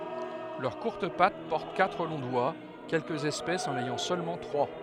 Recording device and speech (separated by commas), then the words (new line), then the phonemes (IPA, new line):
headset microphone, read sentence
Leurs courtes pattes portent quatre longs doigts, quelques espèces en ayant seulement trois.
lœʁ kuʁt pat pɔʁt katʁ lɔ̃ dwa kɛlkəz ɛspɛsz ɑ̃n ɛjɑ̃ sølmɑ̃ tʁwa